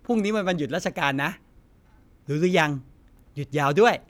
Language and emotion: Thai, happy